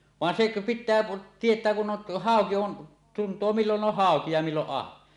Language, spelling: Finnish, vaan se pitää tietää kun on hauki on tuntee milloin on hauki ja milloin ahven
- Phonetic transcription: van 'sek , 'pit̆tää 'tiet̀ää kun 'on , 'hàoki 'on , tuntoo 'millon "on "hàoki ja 'milloˀ "ˀahven .

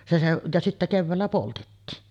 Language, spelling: Finnish, se se ja sitten keväällä poltettiin
- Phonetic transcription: se seˀ , ja sittä "kevväällä 'poltettiin .

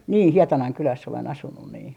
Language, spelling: Finnish, niin Hietanan kylässä olen asunut niin
- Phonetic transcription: 'nii "Hietanaŋ 'kyläss ‿olen 'asunnun nii .

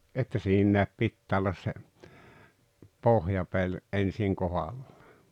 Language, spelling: Finnish, että siinä pitää olla se pohjapeli ensin kohdallaan
- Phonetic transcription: että 'siinnä̀ep 'pittää ollas se , "pohjapeĺ , '’en̬siŋ 'kohalʟᴀᴀ .

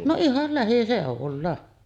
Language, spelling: Finnish, no ihan lähiseudulla
- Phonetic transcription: no 'ihal 'lähisèovulla .

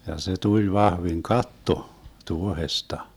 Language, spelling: Finnish, ja se tuli vahvin katto tuohesta
- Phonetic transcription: ja se 'tuĺ 'vahviŋ "katto , 'tuohesta .

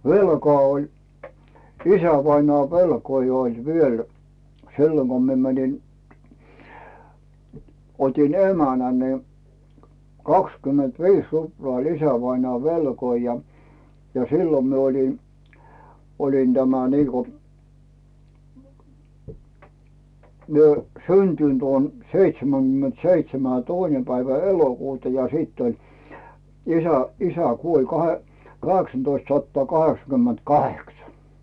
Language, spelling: Finnish, velkaa oli isävainajan velkoja oli vielä silloin kun minä menin otin emännän niin kaksikymmentäviisi ruplaa oli isävainaan velkoja ja ja silloin minä olin olin tämä niin kuin minä syntynyt olen seitsemänkymmentä seitsemän ja toinen päivä elokuuta ja sitten oli isä isä kuoli - kahdeksantoistasataa kaheksakymmentäkahdeksan
- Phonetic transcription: velkᵒà oĺ , 'isävainoà "velkoi oĺ 'viel , 'silloŋ Go mie mänin , 'otin "emänä nə , 'kakskymment"viis 'ruploà ‿oĺ 'isävainᵒà "velkoi ja , ja sillom mi ‿oĺi , olin tämä niiko , mie , "syntynt 'oon 'seitseməGymment "seitsemä jᴬ "toine päivä "elokuuta ja sìtt ‿oĺ , isä , "isä 'kuoĺ 'kahe- 'kaheksantoistsattᵒa 'kaheksakymment'kaheksa .

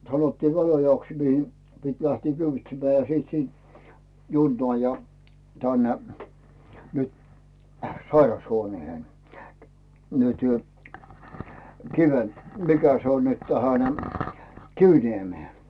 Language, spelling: Finnish, sanottiin Väliojaksi mihin piti lähteä kyyditsemään ja sitten siitä junaan ja tänne nyt sairashuoneeseen nyt - mikä se on nyt tähän Kiviniemeen
- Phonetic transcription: sanottiiv 'Välojaks mihi , 'pit 'lähtii "kyvitsemmää ja sìt "siint , 'junnoà ja , 'tänne , nyt , 'sairas'huoneehen , nytʏ , "Kiven- , 'mikä se on nyt , 'tähän , "Kivniemee .

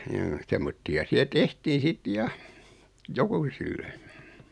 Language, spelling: Finnish, joo semmoisia siellä tehtiin sitten ja jokusille
- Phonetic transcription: joo 'semmotti₍a 'siä "tehtii 'sit "ja , "jokuusille .

